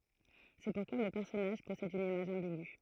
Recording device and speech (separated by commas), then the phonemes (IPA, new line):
throat microphone, read sentence
sɛ puʁkwa lə pɛʁsɔnaʒ pɔsɛd yn imaʒ ɑ̃biɡy